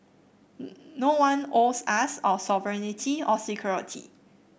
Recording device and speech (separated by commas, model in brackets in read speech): boundary microphone (BM630), read sentence